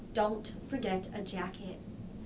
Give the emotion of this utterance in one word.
neutral